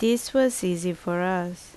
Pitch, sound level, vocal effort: 185 Hz, 78 dB SPL, loud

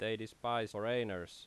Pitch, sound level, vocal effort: 110 Hz, 88 dB SPL, loud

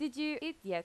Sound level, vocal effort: 87 dB SPL, very loud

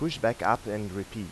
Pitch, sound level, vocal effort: 105 Hz, 89 dB SPL, normal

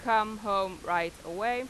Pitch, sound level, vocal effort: 200 Hz, 95 dB SPL, very loud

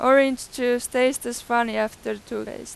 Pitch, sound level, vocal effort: 245 Hz, 94 dB SPL, very loud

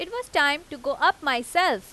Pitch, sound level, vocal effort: 295 Hz, 94 dB SPL, loud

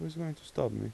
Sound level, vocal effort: 81 dB SPL, soft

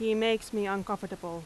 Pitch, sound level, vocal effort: 205 Hz, 88 dB SPL, very loud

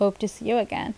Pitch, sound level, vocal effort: 225 Hz, 80 dB SPL, normal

